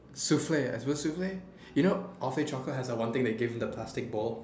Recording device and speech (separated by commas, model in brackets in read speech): standing microphone, conversation in separate rooms